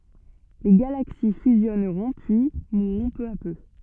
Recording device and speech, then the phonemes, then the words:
soft in-ear microphone, read sentence
le ɡalaksi fyzjɔnʁɔ̃ pyi muʁʁɔ̃ pø a pø
Les galaxies fusionneront puis mourront peu à peu.

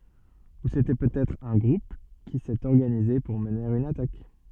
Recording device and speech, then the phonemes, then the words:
soft in-ear microphone, read sentence
u setɛ pøtɛtʁ œ̃ ɡʁup ki sɛt ɔʁɡanize puʁ məne yn atak
Ou c'était peut-être un groupe qui s'est organisé pour mener une attaque.

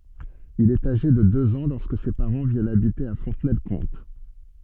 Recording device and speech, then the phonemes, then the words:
soft in-ear microphone, read sentence
il ɛt aʒe də døz ɑ̃ lɔʁskə se paʁɑ̃ vjɛnt abite a fɔ̃tnɛlkɔ̃t
Il est âgé de deux ans lorsque ses parents viennent habiter à Fontenay-le-Comte.

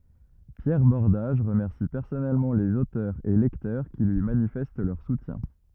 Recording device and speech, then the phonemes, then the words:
rigid in-ear microphone, read sentence
pjɛʁ bɔʁdaʒ ʁəmɛʁsi pɛʁsɔnɛlmɑ̃ lez otœʁz e lɛktœʁ ki lyi manifɛst lœʁ sutjɛ̃
Pierre Bordage remercie personnellement les auteurs et lecteurs qui lui manifestent leur soutien.

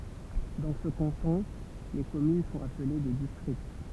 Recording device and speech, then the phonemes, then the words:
temple vibration pickup, read sentence
dɑ̃ sə kɑ̃tɔ̃ le kɔmyn sɔ̃t aple de distʁikt
Dans ce canton, les communes sont appelées des districts.

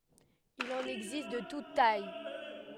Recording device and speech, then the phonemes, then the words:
headset microphone, read sentence
il ɑ̃n ɛɡzist də tut taj
Il en existe de toutes tailles.

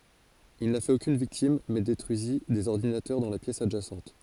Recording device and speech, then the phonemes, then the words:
forehead accelerometer, read sentence
il na fɛt okyn viktim mɛ detʁyizi dez ɔʁdinatœʁ dɑ̃ la pjɛs adʒasɑ̃t
Il n'a fait aucune victime mais détruisit des ordinateurs dans la pièce adjacente.

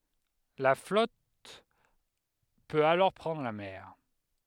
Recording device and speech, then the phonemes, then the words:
headset microphone, read sentence
la flɔt pøt alɔʁ pʁɑ̃dʁ la mɛʁ
La flotte peut alors prendre la mer.

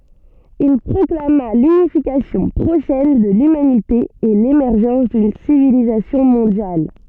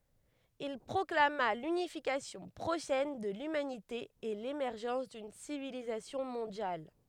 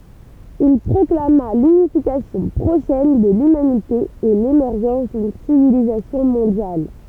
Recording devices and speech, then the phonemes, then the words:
soft in-ear microphone, headset microphone, temple vibration pickup, read sentence
il pʁɔklama lynifikasjɔ̃ pʁoʃɛn də lymanite e lemɛʁʒɑ̃s dyn sivilizasjɔ̃ mɔ̃djal
Il proclama l’unification prochaine de l’humanité et l’émergence d’une civilisation mondiale.

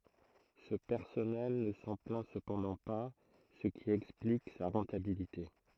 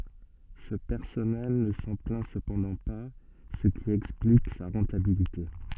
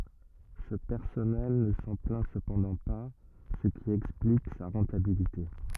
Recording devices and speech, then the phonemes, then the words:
throat microphone, soft in-ear microphone, rigid in-ear microphone, read sentence
sə pɛʁsɔnɛl nə sɑ̃ plɛ̃ səpɑ̃dɑ̃ pa sə ki ɛksplik sa ʁɑ̃tabilite
Ce personnel ne s'en plaint cependant pas, ce qui explique sa rentabilité.

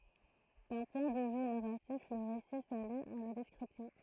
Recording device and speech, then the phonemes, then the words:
throat microphone, read sentence
dœ̃ pwɛ̃ də vy naʁatif lə ʁesi sali a la dɛskʁipsjɔ̃
D'un point de vue narratif, le récit s'allie à la description.

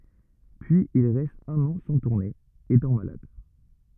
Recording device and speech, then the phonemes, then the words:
rigid in-ear microphone, read sentence
pyiz il ʁɛst œ̃n ɑ̃ sɑ̃ tuʁne etɑ̃ malad
Puis il reste un an sans tourner, étant malade.

